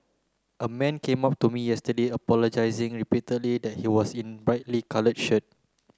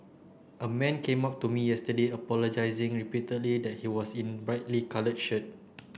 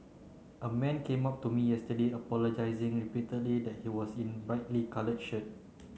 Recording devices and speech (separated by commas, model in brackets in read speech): close-talking microphone (WH30), boundary microphone (BM630), mobile phone (Samsung C9), read sentence